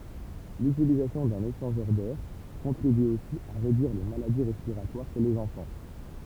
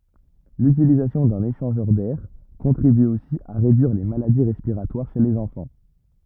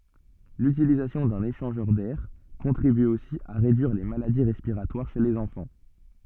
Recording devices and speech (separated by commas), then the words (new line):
temple vibration pickup, rigid in-ear microphone, soft in-ear microphone, read sentence
L'utilisation d'un échangeur d'air contribue aussi à réduire les maladies respiratoires chez les enfants.